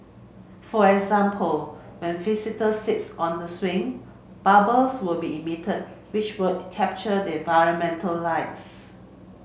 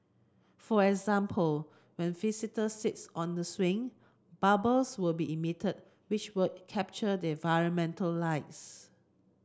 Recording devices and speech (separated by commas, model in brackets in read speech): mobile phone (Samsung C7), close-talking microphone (WH30), read sentence